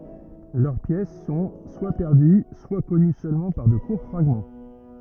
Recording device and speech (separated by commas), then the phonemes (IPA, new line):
rigid in-ear microphone, read sentence
lœʁ pjɛs sɔ̃ swa pɛʁdy swa kɔny sølmɑ̃ paʁ də kuʁ fʁaɡmɑ̃